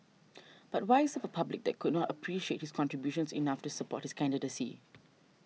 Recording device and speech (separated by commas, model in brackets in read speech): mobile phone (iPhone 6), read sentence